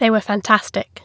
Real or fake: real